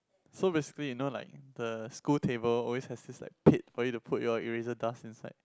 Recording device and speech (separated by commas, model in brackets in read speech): close-talking microphone, conversation in the same room